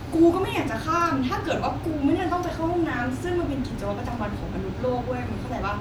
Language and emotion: Thai, frustrated